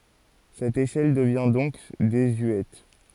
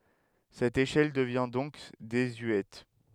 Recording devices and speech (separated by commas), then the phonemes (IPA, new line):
forehead accelerometer, headset microphone, read sentence
sɛt eʃɛl dəvjɛ̃ dɔ̃k dezyɛt